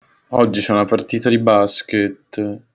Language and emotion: Italian, sad